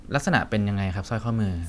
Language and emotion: Thai, neutral